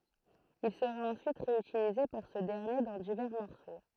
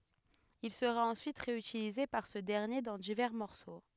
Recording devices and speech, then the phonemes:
throat microphone, headset microphone, read sentence
il səʁa ɑ̃syit ʁeytilize paʁ sə dɛʁnje dɑ̃ divɛʁ mɔʁso

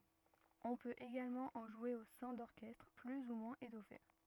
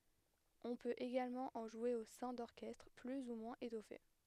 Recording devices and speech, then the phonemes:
rigid in-ear microphone, headset microphone, read sentence
ɔ̃ pøt eɡalmɑ̃ ɑ̃ ʒwe o sɛ̃ dɔʁkɛstʁ ply u mwɛ̃z etɔfe

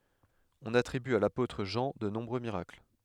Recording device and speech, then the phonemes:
headset microphone, read sentence
ɔ̃n atʁiby a lapotʁ ʒɑ̃ də nɔ̃bʁø miʁakl

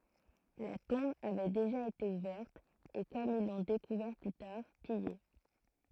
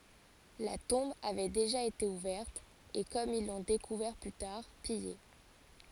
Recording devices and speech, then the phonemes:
throat microphone, forehead accelerometer, read sentence
la tɔ̃b avɛ deʒa ete uvɛʁt e kɔm il lɔ̃ dekuvɛʁ ply taʁ pije

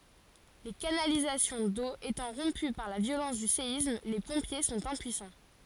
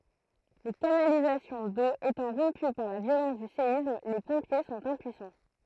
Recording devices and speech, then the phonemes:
forehead accelerometer, throat microphone, read sentence
le kanalizasjɔ̃ do etɑ̃ ʁɔ̃py paʁ la vjolɑ̃s dy seism le pɔ̃pje sɔ̃t ɛ̃pyisɑ̃

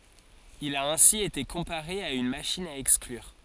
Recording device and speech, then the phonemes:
forehead accelerometer, read sentence
il a ɛ̃si ete kɔ̃paʁe a yn maʃin a ɛksklyʁ

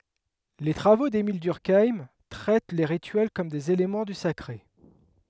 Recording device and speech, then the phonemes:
headset microphone, read sentence
le tʁavo demil dyʁkajm tʁɛt le ʁityɛl kɔm dez elemɑ̃ dy sakʁe

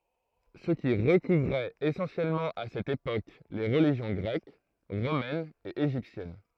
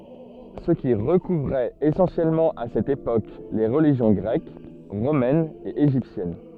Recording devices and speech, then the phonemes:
throat microphone, soft in-ear microphone, read sentence
sə ki ʁəkuvʁɛt esɑ̃sjɛlmɑ̃ a sɛt epok le ʁəliʒjɔ̃ ɡʁɛk ʁomɛn e eʒiptjɛn

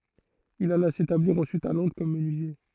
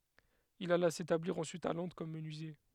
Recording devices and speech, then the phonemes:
throat microphone, headset microphone, read sentence
il ala setabliʁ ɑ̃syit a lɔ̃dʁ kɔm mənyizje

